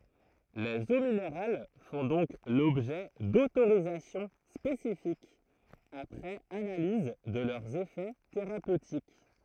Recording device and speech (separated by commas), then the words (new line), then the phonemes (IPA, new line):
throat microphone, read sentence
Les eaux minérales font donc l'objet d'autorisations spécifiques, après analyse de leurs effets thérapeutiques.
lez o mineʁal fɔ̃ dɔ̃k lɔbʒɛ dotoʁizasjɔ̃ spesifikz apʁɛz analiz də lœʁz efɛ teʁapøtik